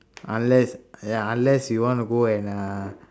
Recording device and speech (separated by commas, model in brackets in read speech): standing microphone, conversation in separate rooms